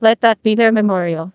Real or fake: fake